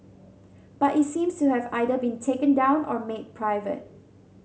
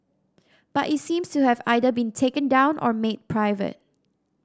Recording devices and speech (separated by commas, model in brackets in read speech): mobile phone (Samsung C7100), standing microphone (AKG C214), read sentence